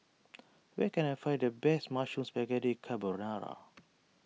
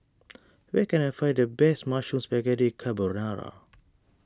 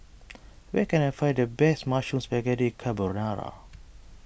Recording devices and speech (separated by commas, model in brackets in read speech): mobile phone (iPhone 6), standing microphone (AKG C214), boundary microphone (BM630), read sentence